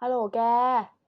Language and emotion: Thai, neutral